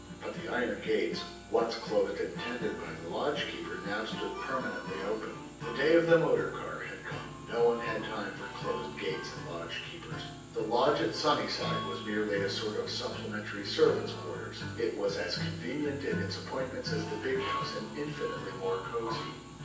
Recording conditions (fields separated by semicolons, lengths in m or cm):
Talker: one person; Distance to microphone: 9.8 m; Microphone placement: far; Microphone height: 1.8 m; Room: large; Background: music